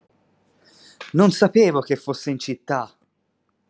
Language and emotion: Italian, surprised